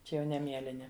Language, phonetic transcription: Lithuanian, ˈčia jau ˈne ˈmielini

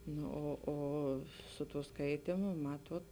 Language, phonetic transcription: Lithuanian, ˈnu o ˈo su tū ˈskaitymu ˈmatuot

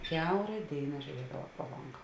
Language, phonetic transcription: Lithuanian, ˈkiaura ˈdėina žiuˈriedava pro ˈlonga

